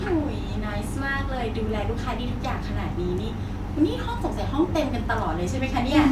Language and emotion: Thai, happy